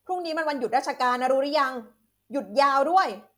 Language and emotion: Thai, angry